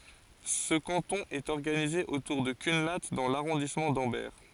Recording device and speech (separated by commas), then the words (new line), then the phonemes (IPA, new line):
forehead accelerometer, read sentence
Ce canton est organisé autour de Cunlhat dans l'arrondissement d'Ambert.
sə kɑ̃tɔ̃ ɛt ɔʁɡanize otuʁ də kœ̃la dɑ̃ laʁɔ̃dismɑ̃ dɑ̃bɛʁ